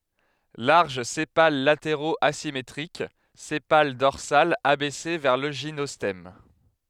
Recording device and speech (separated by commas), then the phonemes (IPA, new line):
headset microphone, read sentence
laʁʒ sepal lateʁoz azimetʁik sepal dɔʁsal abɛse vɛʁ lə ʒinɔstɛm